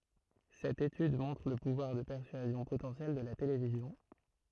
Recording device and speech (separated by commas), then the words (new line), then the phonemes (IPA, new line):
throat microphone, read sentence
Cette étude montre le pouvoir de persuasion potentiel de la télévision.
sɛt etyd mɔ̃tʁ lə puvwaʁ də pɛʁsyazjɔ̃ potɑ̃sjɛl də la televizjɔ̃